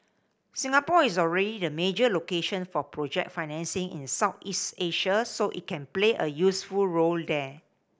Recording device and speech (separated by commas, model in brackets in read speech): boundary microphone (BM630), read sentence